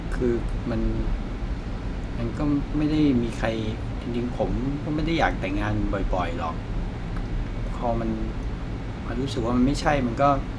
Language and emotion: Thai, sad